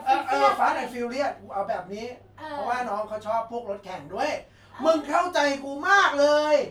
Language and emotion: Thai, happy